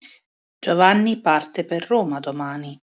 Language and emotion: Italian, neutral